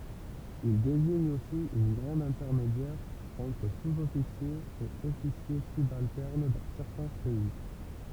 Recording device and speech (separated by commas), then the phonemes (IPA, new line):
temple vibration pickup, read sentence
il deziɲ osi œ̃ ɡʁad ɛ̃tɛʁmedjɛʁ ɑ̃tʁ suzɔfisjez e ɔfisje sybaltɛʁn dɑ̃ sɛʁtɛ̃ pɛi